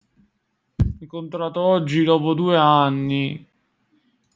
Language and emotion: Italian, sad